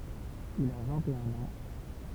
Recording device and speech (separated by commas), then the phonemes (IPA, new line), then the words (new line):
temple vibration pickup, read sentence
il a vɛ̃t e œ̃n ɑ̃
Il a vingt-et-un ans.